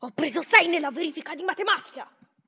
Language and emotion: Italian, angry